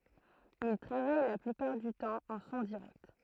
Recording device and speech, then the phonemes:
throat microphone, read sentence
il tʁavaj la plypaʁ dy tɑ̃ ɑ̃ sɔ̃ diʁɛkt

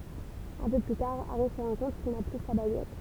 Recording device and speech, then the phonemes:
temple vibration pickup, read sentence
œ̃ pø ply taʁ aʁi sə ʁɑ̃ kɔ̃t kil na ply sa baɡɛt

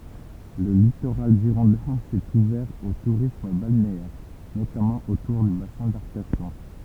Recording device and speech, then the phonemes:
temple vibration pickup, read sentence
lə litoʁal ʒiʁɔ̃dɛ̃ sɛt uvɛʁ o tuʁism balneɛʁ notamɑ̃ otuʁ dy basɛ̃ daʁkaʃɔ̃

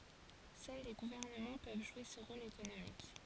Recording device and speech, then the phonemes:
forehead accelerometer, read sentence
sœl le ɡuvɛʁnəmɑ̃ pøv ʒwe sə ʁol ekonomik

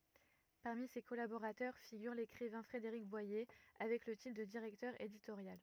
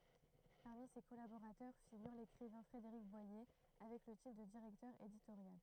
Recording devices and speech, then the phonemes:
rigid in-ear microphone, throat microphone, read sentence
paʁmi se kɔlaboʁatœʁ fiɡyʁ lekʁivɛ̃ fʁedeʁik bwaje avɛk lə titʁ də diʁɛktœʁ editoʁjal

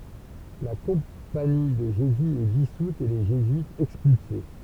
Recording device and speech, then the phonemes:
temple vibration pickup, read sentence
la kɔ̃pani də ʒezy ɛ disut e le ʒezyitz ɛkspylse

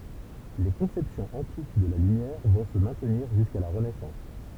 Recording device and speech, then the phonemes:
temple vibration pickup, read sentence
le kɔ̃sɛpsjɔ̃z ɑ̃tik də la lymjɛʁ vɔ̃ sə mɛ̃tniʁ ʒyska la ʁənɛsɑ̃s

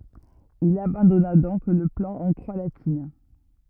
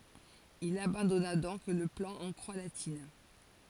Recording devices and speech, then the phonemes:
rigid in-ear microphone, forehead accelerometer, read sentence
il abɑ̃dɔna dɔ̃k lə plɑ̃ ɑ̃ kʁwa latin

